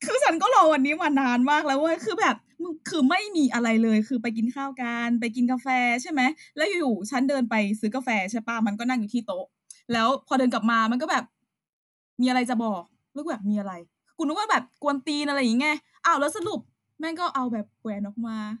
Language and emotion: Thai, happy